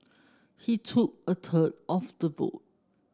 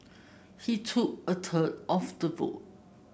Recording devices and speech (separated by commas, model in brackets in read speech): standing microphone (AKG C214), boundary microphone (BM630), read sentence